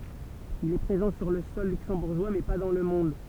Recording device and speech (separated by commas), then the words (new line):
temple vibration pickup, read sentence
Il est présent sur le sol luxembourgeois mais pas dans le monde.